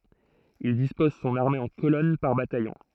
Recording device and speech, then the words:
throat microphone, read sentence
Il dispose son armée en colonnes par bataillon.

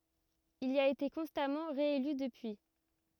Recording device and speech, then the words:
rigid in-ear microphone, read sentence
Il y a été constamment réélu depuis.

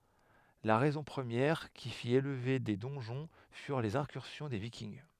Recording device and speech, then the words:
headset microphone, read sentence
La raison première qui fit élever des donjons furent les incursions des Vikings.

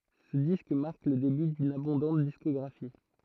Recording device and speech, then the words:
throat microphone, read sentence
Ce disque marque le début d'une abondante discographie.

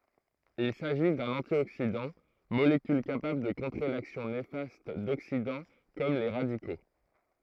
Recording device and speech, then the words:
throat microphone, read sentence
Il s'agit d'un antioxydant, molécule capable de contrer l'action néfaste d'oxydants comme les radicaux.

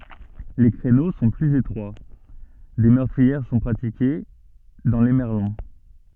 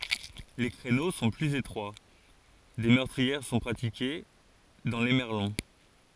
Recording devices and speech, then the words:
soft in-ear microphone, forehead accelerometer, read sentence
Les créneaux sont plus étroits, des meurtrières sont pratiquées dans les merlons.

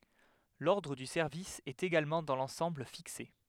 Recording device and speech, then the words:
headset microphone, read sentence
L'ordre du service est également dans l'ensemble fixé.

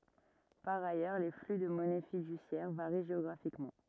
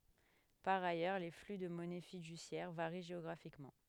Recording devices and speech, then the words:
rigid in-ear microphone, headset microphone, read sentence
Par ailleurs, les flux de monnaie fiduciaire varient géographiquement.

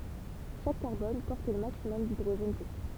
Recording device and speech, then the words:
temple vibration pickup, read sentence
Chaque carbone porte le maximum d'hydrogènes possible.

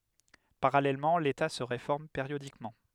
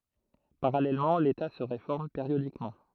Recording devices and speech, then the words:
headset microphone, throat microphone, read sentence
Parallèlement l'État se réforme périodiquement.

